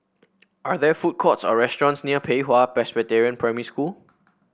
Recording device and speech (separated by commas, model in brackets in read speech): boundary microphone (BM630), read sentence